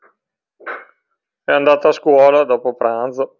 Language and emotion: Italian, neutral